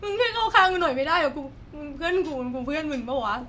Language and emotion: Thai, sad